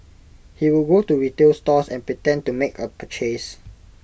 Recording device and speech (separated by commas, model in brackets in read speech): boundary microphone (BM630), read sentence